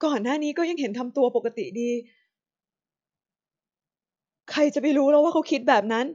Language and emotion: Thai, sad